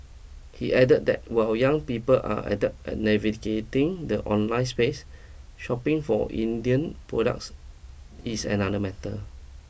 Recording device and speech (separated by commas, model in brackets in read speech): boundary microphone (BM630), read sentence